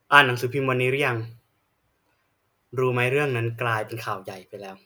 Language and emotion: Thai, frustrated